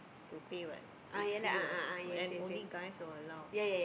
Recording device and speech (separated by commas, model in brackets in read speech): boundary microphone, conversation in the same room